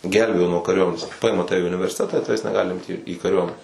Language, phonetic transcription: Lithuanian, ˈgelbėjo nuo kariuoˈmenės ˈpaima ˈtave i universiˈtetą i ˈtaves neˈgali ˈimti į kaˈriuomene

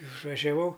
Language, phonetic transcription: Lithuanian, išvažiaˈvau

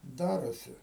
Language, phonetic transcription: Lithuanian, ˈdarosi

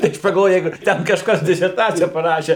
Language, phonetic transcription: Lithuanian, tai ˈaš pagalˈvojau ˈjeigu ˈten kažˈkas diserˈtacija paˈrašė

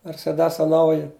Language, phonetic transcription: Lithuanian, merseˈdesa ˈnauji

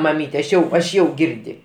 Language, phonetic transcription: Lithuanian, maˈmyte aš ˈjau aš ˈjau ˈgirdi

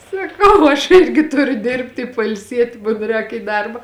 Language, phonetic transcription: Lithuanian, saˈkau aš ˈirgi ˈturiu ˈdirbti i pailˈsieti mun ˈrēk į ˈdarba

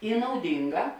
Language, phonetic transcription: Lithuanian, i nauˈdinˌgā

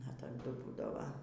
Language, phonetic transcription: Lithuanian, a taˈdu ˈbūdava

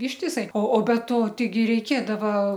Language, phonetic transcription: Lithuanian, ištiˈsai o be ˈto teiˈgi reiˈkėdava

